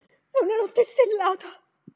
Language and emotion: Italian, fearful